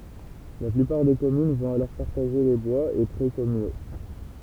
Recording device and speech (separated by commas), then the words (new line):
temple vibration pickup, read sentence
La plupart des communes vont alors partager les bois et près communaux.